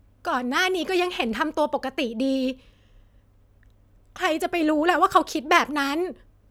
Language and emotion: Thai, frustrated